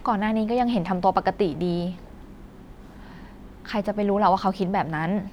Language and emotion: Thai, frustrated